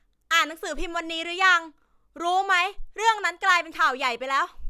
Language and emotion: Thai, angry